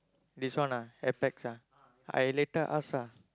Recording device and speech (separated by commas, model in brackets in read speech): close-talking microphone, conversation in the same room